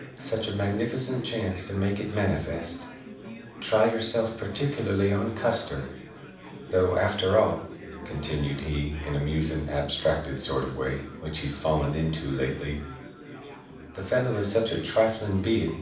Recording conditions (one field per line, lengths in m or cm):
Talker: one person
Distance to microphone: 5.8 m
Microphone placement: far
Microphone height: 1.8 m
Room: medium-sized (5.7 m by 4.0 m)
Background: babble